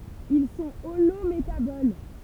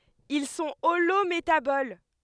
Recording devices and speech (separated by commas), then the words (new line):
temple vibration pickup, headset microphone, read sentence
Ils sont holométaboles.